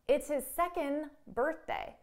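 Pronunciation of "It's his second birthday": In 'second', all you hear at the end is the n sound. There is no T or D sound and no pause before 'birthday'.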